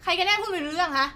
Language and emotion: Thai, angry